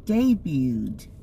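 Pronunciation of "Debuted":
In 'debuted', the t is silent.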